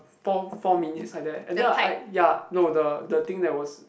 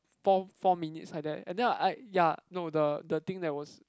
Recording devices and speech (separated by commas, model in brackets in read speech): boundary microphone, close-talking microphone, conversation in the same room